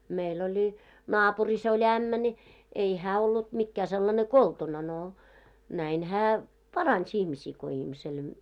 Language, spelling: Finnish, meillä oli naapurissa oli ämmä niin ei hän ollut mikään sellainen koltuna no näin hän paransi ihmisiä kun ihmiselle
- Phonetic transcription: 'meil ‿oĺi , "naapuris ‿oĺ "ämmä ńi , 'ei 'hää ollut mikkää sellane "koltuna no , näin 'hää , "parans ihmisii ko ihmisel ,.

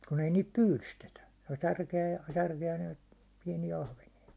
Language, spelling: Finnish, kun ei niitä pyydystetä tuota - ja särkeä ja noita pieniä ahvenia
- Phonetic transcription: kun ‿ei niit "pyylystetä , (tot) 'särke₍ä- ja , 'särke₍ä , jᴀ ɴᴏɪt , 'piɛnijä 'ahvenija .

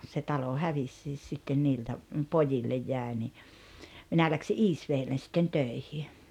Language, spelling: Finnish, se talo hävisikin sitten niiltä pojille jäi niin minä lähdin Iisvedelle sitten töihin
- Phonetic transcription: se 'talo "hävissiis sitten 'niiltä , "pojillej 'jä̀e ni , 'minä läksi "’Iisveellen̬ sitten 'tö̀ihi .

